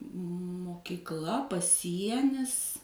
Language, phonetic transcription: Lithuanian, mokikˈla paˈsienis

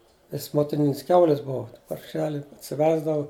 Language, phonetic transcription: Lithuanian, nes motiˈninis ˈkiaulis ˈbuva parˈšeli atsiˈvesdavu

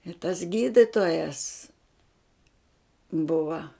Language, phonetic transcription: Lithuanian, i tas ˈgyditojas ˈbuva

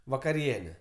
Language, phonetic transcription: Lithuanian, vakaˈriene

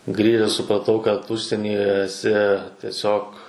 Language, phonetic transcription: Lithuanian, ˈgrįžes supraˈtau kad ˈužsienyje eˈsi tieˈsiog

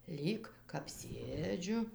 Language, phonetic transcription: Lithuanian, ˈlyg kap ˈsėdžiu

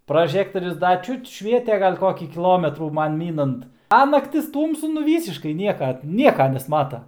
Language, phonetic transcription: Lithuanian, praˈžektorius ˈda ˈčiut ˈšviete ˈgal' ˈkokį kįˈlometrų ˈman ˈmynant a nakˈtis ˈtūmsu nu ˈvysiškai ˈnieka ˈnieka nesˈmata

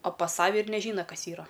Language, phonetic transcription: Lithuanian, o pas ˈsave ir neˈžyna ˈkas ˈyra

